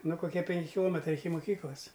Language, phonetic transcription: Lithuanian, ˈnu koˈkie penˈki kiˈlometrai iki moˈkyklas

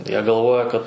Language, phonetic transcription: Lithuanian, ˈjie galˈvoja kad

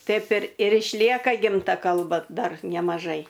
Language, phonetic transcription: Lithuanian, ˈtaip ir ir išˈlieka ˈgimta ˈkalba ˈdar nemaˈžai

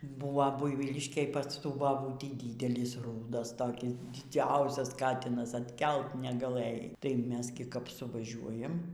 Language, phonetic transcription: Lithuanian, ˈbūva ˈbuivyliškėj pas ˈtų baˈbūtį ˈdydelis ˈrūdas toˈkis diˈdziausias ˈkatinas atˈkelt negaˈlɘjai tai ˈmes gi kap suvaˈžiuojam

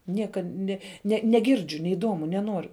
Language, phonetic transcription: Lithuanian, ˈniekad ˈne ˈne neˈgirdžiu neiˈdomu neˈnoru

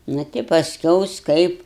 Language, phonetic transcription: Lithuanian, ˈna ti pasˈkiaus ˈkaip

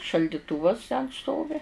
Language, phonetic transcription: Lithuanian, šaldiˈtūvas ten ˈstovi

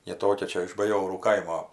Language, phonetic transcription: Lithuanian, ji ˈtokia ˈčia iš baˈjorų ˈkaimo

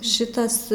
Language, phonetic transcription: Lithuanian, ˈšitas

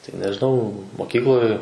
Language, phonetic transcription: Lithuanian, tai nežiˈnau moˈkykloj

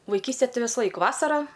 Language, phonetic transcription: Lithuanian, vaiˈkystė ˈtai visˈlaik ˈvasarą

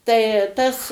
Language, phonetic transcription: Lithuanian, tai ˈtas

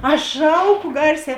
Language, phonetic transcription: Lithuanian, ˈaš ˈšauˌku ˈgarˌsē

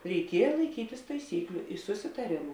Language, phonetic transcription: Lithuanian, reiˈkieja laiˈkytis taiˈsykliu susitaˈrėmu

